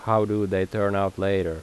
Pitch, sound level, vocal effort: 100 Hz, 84 dB SPL, normal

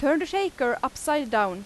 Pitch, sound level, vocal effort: 285 Hz, 90 dB SPL, very loud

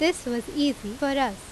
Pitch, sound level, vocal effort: 265 Hz, 86 dB SPL, loud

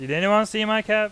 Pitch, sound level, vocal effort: 215 Hz, 98 dB SPL, loud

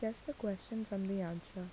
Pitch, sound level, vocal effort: 200 Hz, 75 dB SPL, soft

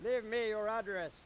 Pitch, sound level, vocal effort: 220 Hz, 103 dB SPL, very loud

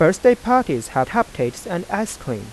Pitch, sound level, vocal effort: 175 Hz, 90 dB SPL, soft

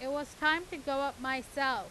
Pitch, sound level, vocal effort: 280 Hz, 95 dB SPL, very loud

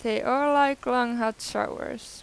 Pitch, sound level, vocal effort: 250 Hz, 90 dB SPL, normal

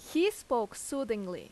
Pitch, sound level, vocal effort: 275 Hz, 88 dB SPL, very loud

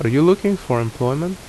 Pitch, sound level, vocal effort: 150 Hz, 78 dB SPL, normal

